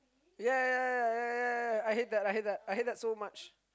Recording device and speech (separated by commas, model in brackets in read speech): close-talking microphone, conversation in the same room